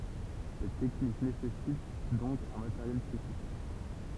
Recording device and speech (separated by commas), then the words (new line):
temple vibration pickup, read sentence
Cette technique nécessite donc un matériel spécifique.